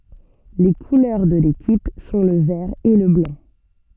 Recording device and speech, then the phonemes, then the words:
soft in-ear microphone, read sentence
le kulœʁ də lekip sɔ̃ lə vɛʁ e lə blɑ̃
Les couleurs de l'équipe sont le vert et le blanc.

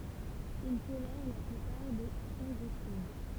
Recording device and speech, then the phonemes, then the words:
temple vibration pickup, read sentence
il tolɛʁ la plypaʁ de fɔ̃ʒisid
Ils tolèrent la plupart des fongicides.

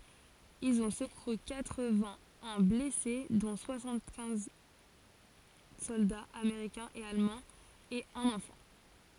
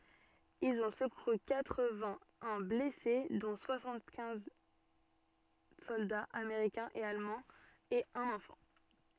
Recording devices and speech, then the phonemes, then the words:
forehead accelerometer, soft in-ear microphone, read sentence
ilz ɔ̃ səkuʁy katʁ vɛ̃ œ̃ blɛse dɔ̃ swasɑ̃t kɛ̃z sɔldaz ameʁikɛ̃z e almɑ̃z e œ̃n ɑ̃fɑ̃
Ils ont secouru quatre-vingt-un blessés dont soixante-quinze soldats américains et allemands et un enfant.

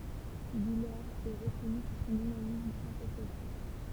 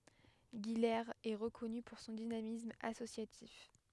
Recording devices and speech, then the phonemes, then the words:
temple vibration pickup, headset microphone, read sentence
ɡilez ɛ ʁəkɔny puʁ sɔ̃ dinamism asosjatif
Guilers est reconnue pour son dynamisme associatif.

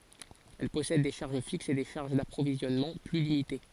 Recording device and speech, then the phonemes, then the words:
forehead accelerometer, read sentence
ɛl pɔsɛd de ʃaʁʒ fiksz e de ʃaʁʒ dapʁovizjɔnmɑ̃ ply limite
Elle possède des charges fixes et des charges d’approvisionnement plus limitées.

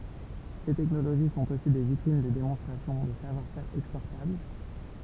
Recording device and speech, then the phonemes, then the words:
temple vibration pickup, read sentence
se tɛknoloʒi sɔ̃t osi de vitʁin də demɔ̃stʁasjɔ̃ də savwaʁ fɛʁ ɛkspɔʁtabl
Ces technologies sont aussi des vitrines de démonstration de savoir-faire exportables.

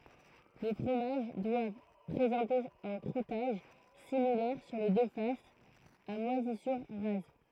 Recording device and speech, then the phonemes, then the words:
throat microphone, read sentence
le fʁomaʒ dwav pʁezɑ̃te œ̃ kʁutaʒ similɛʁ syʁ le dø fasz a mwazisyʁ ʁaz
Les fromages doivent présenter un croûtage, similaire sur les deux faces, à moisissures rases.

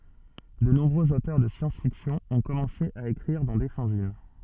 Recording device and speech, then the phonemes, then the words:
soft in-ear microphone, read sentence
də nɔ̃bʁøz otœʁ də sjɑ̃sfiksjɔ̃ ɔ̃ kɔmɑ̃se a ekʁiʁ dɑ̃ de fɑ̃zin
De nombreux auteurs de science-fiction ont commencé à écrire dans des fanzines.

